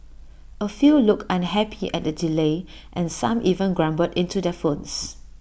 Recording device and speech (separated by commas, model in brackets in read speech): boundary microphone (BM630), read sentence